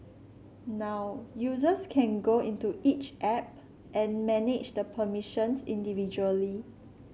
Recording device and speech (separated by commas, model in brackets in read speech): mobile phone (Samsung C7), read sentence